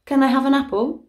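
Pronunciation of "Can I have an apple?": Said quickly, 'can' and 'an' are unstressed and take a schwa: 'can' is weakened, and 'an' sounds like 'un'.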